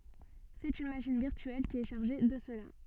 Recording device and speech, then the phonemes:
soft in-ear microphone, read sentence
sɛt yn maʃin viʁtyɛl ki ɛ ʃaʁʒe də səla

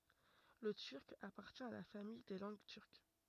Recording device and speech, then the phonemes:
rigid in-ear microphone, read sentence
lə tyʁk apaʁtjɛ̃ a la famij de lɑ̃ɡ tyʁk

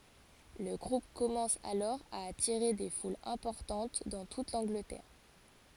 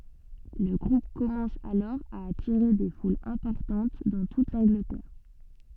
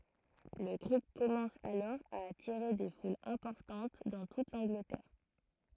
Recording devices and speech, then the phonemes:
forehead accelerometer, soft in-ear microphone, throat microphone, read sentence
lə ɡʁup kɔmɑ̃s alɔʁ a atiʁe de fulz ɛ̃pɔʁtɑ̃t dɑ̃ tut lɑ̃ɡlətɛʁ

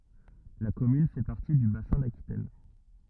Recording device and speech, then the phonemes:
rigid in-ear microphone, read sentence
la kɔmyn fɛ paʁti dy basɛ̃ dakitɛn

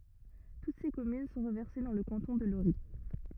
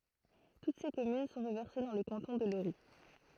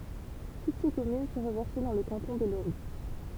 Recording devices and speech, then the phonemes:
rigid in-ear microphone, throat microphone, temple vibration pickup, read sentence
tut se kɔmyn sɔ̃ ʁəvɛʁse dɑ̃ lə kɑ̃tɔ̃ də loʁi

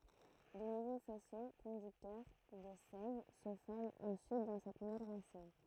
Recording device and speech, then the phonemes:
throat microphone, read sentence
də nuvo fɛso kɔ̃dyktœʁ də sɛv sə fɔʁmt ɑ̃syit dɑ̃ sɛt nuvɛl ʁasin

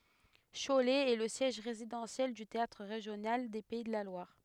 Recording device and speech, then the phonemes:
headset microphone, read sentence
ʃolɛ ɛ lə sjɛʒ ʁezidɑ̃sjɛl dy teatʁ ʁeʒjonal de pɛi də la lwaʁ

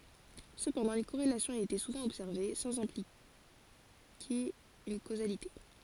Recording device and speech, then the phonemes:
forehead accelerometer, read sentence
səpɑ̃dɑ̃ yn koʁelasjɔ̃ a ete suvɑ̃ ɔbsɛʁve sɑ̃z ɛ̃plike yn kozalite

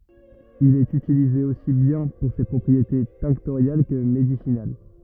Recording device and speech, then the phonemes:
rigid in-ear microphone, read sentence
il ɛt ytilize osi bjɛ̃ puʁ se pʁɔpʁiete tɛ̃ktoʁjal kə medisinal

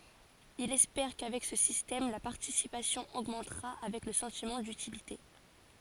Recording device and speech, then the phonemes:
forehead accelerometer, read sentence
ilz ɛspɛʁ kavɛk sə sistɛm la paʁtisipasjɔ̃ oɡmɑ̃tʁa avɛk lə sɑ̃timɑ̃ dytilite

